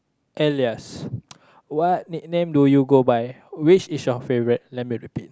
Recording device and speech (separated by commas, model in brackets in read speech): close-talking microphone, conversation in the same room